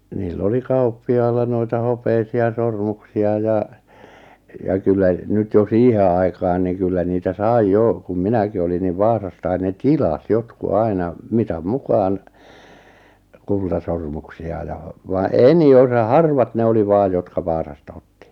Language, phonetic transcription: Finnish, niil'l ‿oli 'kauppi₍ailla noita 'hopeisi₍a 'sormuksi₍a ja , ja 'kyllä , nyt jo "siihe 'ai̬kaan ni kyllä niitä "sai "jò , kum "minäki olin niv "Vaasastain 'ne "tilas 'jotku 'aina , 'mitam 'mukaan , 'kultasormuksi₍a ja , va "eni "osa 'harvat 'ne oli vaaj jotka 'Vaasasta otti .
- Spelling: niillä oli kauppiailla noita hopeisia sormuksia ja ja kyllä nyt jo siihen aikaan niin kyllä niitä sai jo kun minäkin olin niin Vaasasta ne tilasi jotkut aina mitan mukaan kultasormuksia ja vaan enin osa harvat ne oli vain jotka Vaasasta otti

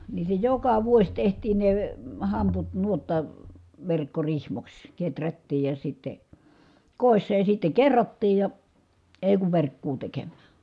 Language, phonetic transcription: Finnish, nii se joka vuos tehtiin ne , hamput nuotta- , -verkkorihmoks , keträttiij ja sitte , kòissa ja sitte kerrottiij ja , èi̮ kuv verkkuu tekemmää .
- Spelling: niin se joka vuosi tehtiin ne hamput - verkkorihmoiksi kehrättiin ja sitten kodissa ja sitten kerrottiin ja ei kun verkkoa tekemään

